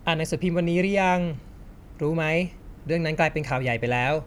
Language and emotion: Thai, neutral